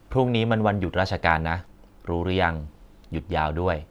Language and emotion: Thai, neutral